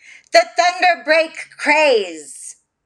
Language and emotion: English, disgusted